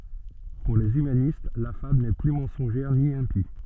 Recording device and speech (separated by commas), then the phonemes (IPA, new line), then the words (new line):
soft in-ear microphone, read sentence
puʁ lez ymanist la fabl nɛ ply mɑ̃sɔ̃ʒɛʁ ni ɛ̃pi
Pour les humanistes la fable n'est plus mensongère ni impie.